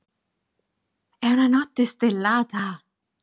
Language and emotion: Italian, happy